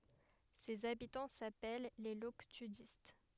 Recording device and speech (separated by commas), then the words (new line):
headset microphone, read sentence
Ses habitants s'appellent les Loctudistes.